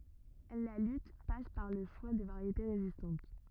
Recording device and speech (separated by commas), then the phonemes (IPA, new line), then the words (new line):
rigid in-ear microphone, read sentence
la lyt pas paʁ lə ʃwa də vaʁjete ʁezistɑ̃t
La lutte passe par le choix de variétés résistantes.